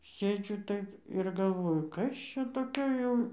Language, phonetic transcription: Lithuanian, ˈsėdžiu ˈtaip ir galˈvoju ˈkas ˈčia toˈkio jau

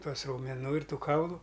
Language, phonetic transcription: Lithuanian, ˈtuos raumeˈnų ir ˈtų ˈkaulu

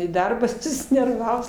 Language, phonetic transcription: Lithuanian, į ˈdarbą susinerˈvavus

